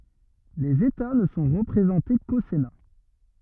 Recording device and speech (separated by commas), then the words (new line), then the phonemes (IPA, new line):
rigid in-ear microphone, read sentence
Les États ne sont représentés qu'au Sénat.
lez eta nə sɔ̃ ʁəpʁezɑ̃te ko sena